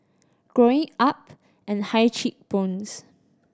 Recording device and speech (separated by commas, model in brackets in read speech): standing microphone (AKG C214), read sentence